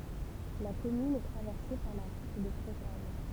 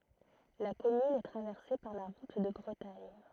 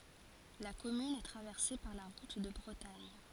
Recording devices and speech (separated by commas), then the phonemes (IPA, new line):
temple vibration pickup, throat microphone, forehead accelerometer, read sentence
la kɔmyn ɛ tʁavɛʁse paʁ la ʁut də bʁətaɲ